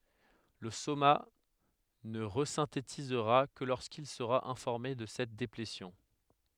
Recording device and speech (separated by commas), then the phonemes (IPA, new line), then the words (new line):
headset microphone, read sentence
lə soma nə ʁəzɛ̃tetizʁa kə loʁskil səʁa ɛ̃fɔʁme də sɛt deplesjɔ̃
Le soma ne resynthétisera que lorsqu'il sera informé de cette déplétion.